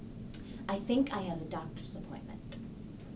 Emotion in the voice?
neutral